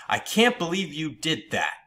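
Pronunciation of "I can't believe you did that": In 'I can't believe you did that', the pitch goes down, and the tone sounds upset about something.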